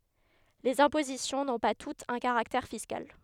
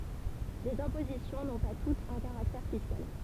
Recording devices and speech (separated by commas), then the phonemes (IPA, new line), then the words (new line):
headset microphone, temple vibration pickup, read sentence
lez ɛ̃pozisjɔ̃ nɔ̃ pa tutz œ̃ kaʁaktɛʁ fiskal
Les impositions n’ont pas toutes un caractère fiscal.